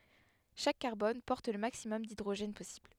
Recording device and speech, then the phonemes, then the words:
headset microphone, read sentence
ʃak kaʁbɔn pɔʁt lə maksimɔm didʁoʒɛn pɔsibl
Chaque carbone porte le maximum d'hydrogènes possible.

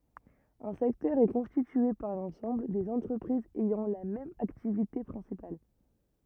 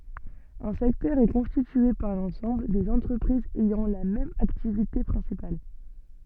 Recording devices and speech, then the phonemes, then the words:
rigid in-ear microphone, soft in-ear microphone, read sentence
œ̃ sɛktœʁ ɛ kɔ̃stitye paʁ lɑ̃sɑ̃bl dez ɑ̃tʁəpʁizz ɛjɑ̃ la mɛm aktivite pʁɛ̃sipal
Un secteur est constitué par l'ensemble des entreprises ayant la même activité principale.

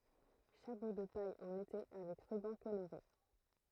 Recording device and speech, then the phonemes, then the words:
throat microphone, read sentence
ʃapo də paj ɑ̃n ete avɛk ʁybɑ̃ koloʁe
Chapeau de paille en été avec ruban coloré.

